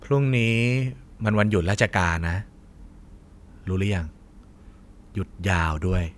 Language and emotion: Thai, frustrated